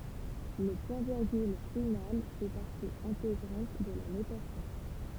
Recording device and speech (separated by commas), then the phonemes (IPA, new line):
temple vibration pickup, read sentence
lə pwɛ̃tviʁɡyl final fɛ paʁti ɛ̃teɡʁɑ̃t də la notasjɔ̃